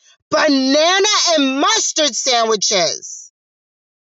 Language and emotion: English, disgusted